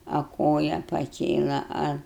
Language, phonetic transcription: Lithuanian, a ˈkoja paˈkėla ˈa

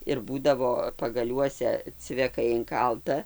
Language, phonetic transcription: Lithuanian, ir ˈbūdavo pagaˈliuose cveˈkai inˈkalta

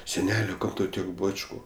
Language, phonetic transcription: Lithuanian, seˈnelio ˈkam tau ˈtiek ˈbačku

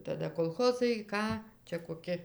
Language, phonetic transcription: Lithuanian, taˈda kolˈchozai ˈką ˈčia koˈki

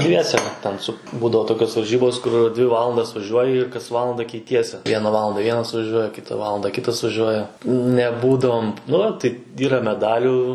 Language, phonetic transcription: Lithuanian, ˈdviese ten ˈsu ˈbūdavo toˈkios varˈžybos kur dvi ˈvalandas vaˈžiuoji ir kas ˈvalanda keiˈtiesi ˈviena ˈvalanda ˈvienas vaˈžiuoja ˈkita ˈvalanda ˈkitas vaˈžiuoja neˈbūdavom ˈnu tai ˈyra meˈdalių

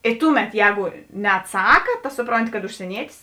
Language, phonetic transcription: Lithuanian, i ˈtuˌmet ˈjēgu neatˈsaka ta ˈsupronˌti kad užsieˈnietis

